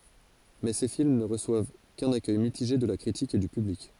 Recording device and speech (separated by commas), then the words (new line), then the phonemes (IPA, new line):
forehead accelerometer, read sentence
Mais ces films ne reçoivent qu'un accueil mitigé de la critique et du public.
mɛ se film nə ʁəswav kœ̃n akœj mitiʒe də la kʁitik e dy pyblik